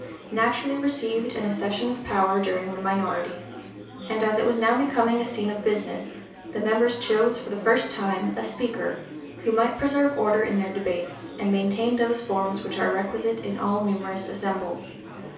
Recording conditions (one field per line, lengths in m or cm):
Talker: one person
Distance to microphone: 3.0 m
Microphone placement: far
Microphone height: 1.8 m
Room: small (3.7 m by 2.7 m)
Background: babble